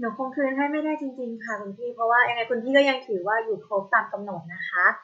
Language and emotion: Thai, neutral